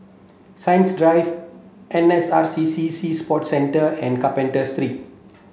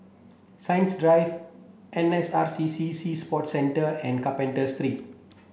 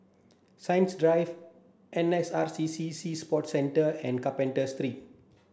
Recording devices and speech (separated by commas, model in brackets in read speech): mobile phone (Samsung C7), boundary microphone (BM630), standing microphone (AKG C214), read sentence